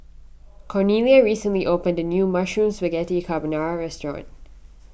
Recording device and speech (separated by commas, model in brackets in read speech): boundary microphone (BM630), read sentence